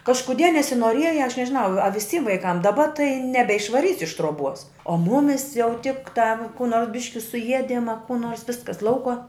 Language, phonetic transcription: Lithuanian, kažkuˈdie nesinuoˈrieja aš nežiˈnau a viˈsym vaiˈkam daˈba tai nebeišvaˈrysi iš truoˈbuos o ˈmumis jau tiktā kū ˈnors ˈbiški suˈiedim a kū ˈnors ˈviskas ˈlaukuo

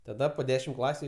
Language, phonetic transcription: Lithuanian, taˈda po ˈdešim ˈklasiu

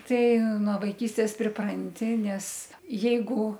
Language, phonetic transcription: Lithuanian, ˈtai nuo vaiˈkystės priˈpranti ˈnes ˈjeigu

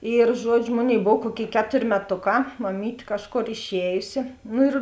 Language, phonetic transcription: Lithuanian, ir ˈžuodžiu ˈmoˌnėi ˈbov ˈkuoˌkėi ˈketor' meˈtoˌkā maˈmyt' ˈkažˌkor išˈējusi ˈnu ir

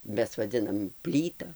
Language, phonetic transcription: Lithuanian, ˈmes vaˈdzinam ˈplyta

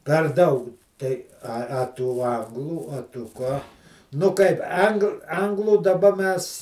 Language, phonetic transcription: Lithuanian, per ˈdaug tai a a ˈtų ˈanglų a tu ˈką nu ˈkaip ˈang ˈanglų daˈba ˈmes

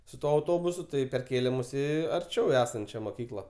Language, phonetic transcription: Lithuanian, su ˈtuo auˈtobusu ˈtai perˈkėlė ˈmus ˈį arˈčiau ˈesančia moˈkykla

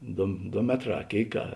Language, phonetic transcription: Lithuanian, ˈdo ˈdo ˈmetˌrā a ˈkėik a

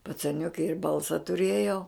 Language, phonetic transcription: Lithuanian, pacaˈniuki ir ˈbalsa tuˈrėjau

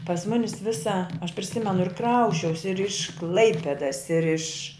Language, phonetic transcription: Lithuanian, pas ˈmunis ˈvisa aš priˈsimenu ir ˈkrausčiausi ir iš ˈklaipedas ir iš

